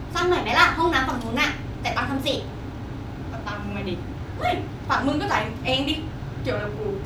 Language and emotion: Thai, frustrated